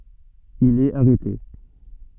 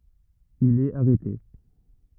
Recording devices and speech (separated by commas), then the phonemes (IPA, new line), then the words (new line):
soft in-ear microphone, rigid in-ear microphone, read sentence
il ɛt aʁɛte
Il est arrêté.